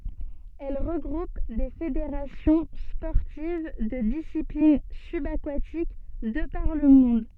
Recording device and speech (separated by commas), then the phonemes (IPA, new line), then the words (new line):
soft in-ear microphone, read sentence
ɛl ʁəɡʁup de fedeʁasjɔ̃ spɔʁtiv də disiplin sybakatik də paʁ lə mɔ̃d
Elle regroupe des fédérations sportives de disciplines subaquatiques de par le monde.